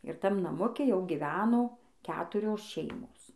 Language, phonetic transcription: Lithuanian, ir ˈtam naˈmuke ˈjau giˈveno ˈketurios ˈšeimos

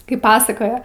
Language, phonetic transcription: Lithuanian, ˈkaip ˈpasakoja

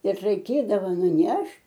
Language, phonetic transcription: Lithuanian, ir raiˈkėdava nuˈnešt'

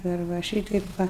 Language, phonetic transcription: Lithuanian, dar ˈva ˈšytaip ˈva

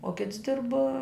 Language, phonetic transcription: Lithuanian, o ˈkits ˈdirb

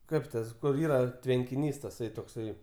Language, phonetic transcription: Lithuanian, ˈkaip tas kur ˈyra tvenkiˈnys taˈsai tokˈsai

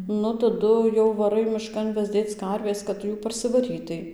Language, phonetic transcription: Lithuanian, ˈnu taˈdu jau vaˈrai miˈškan vezˈdėc ˈkarvės kad ˈtu ˈjų parsiˈvarytai

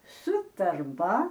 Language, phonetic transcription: Lithuanian, su tarˈba

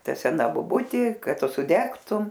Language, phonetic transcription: Lithuanian, ˈta seˈna boˈbutė ˈkad ˈtu sudegtum

